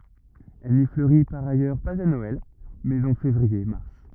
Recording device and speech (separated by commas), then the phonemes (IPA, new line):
rigid in-ear microphone, read sentence
ɛl ni fløʁi paʁ ajœʁ paz a nɔɛl mɛz ɑ̃ fevʁiɛʁmaʁ